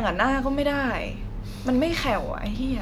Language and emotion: Thai, frustrated